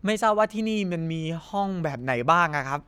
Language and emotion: Thai, neutral